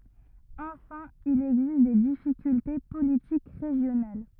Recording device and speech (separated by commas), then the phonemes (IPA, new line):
rigid in-ear microphone, read sentence
ɑ̃fɛ̃ il ɛɡzist de difikylte politik ʁeʒjonal